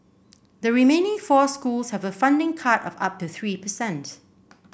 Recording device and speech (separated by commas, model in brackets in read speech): boundary microphone (BM630), read sentence